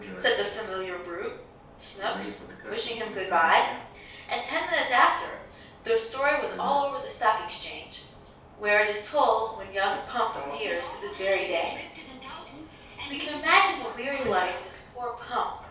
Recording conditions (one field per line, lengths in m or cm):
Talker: one person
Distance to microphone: 3.0 m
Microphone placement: far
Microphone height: 1.8 m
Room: small (3.7 m by 2.7 m)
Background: television